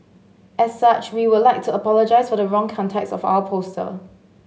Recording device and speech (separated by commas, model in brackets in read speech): mobile phone (Samsung S8), read sentence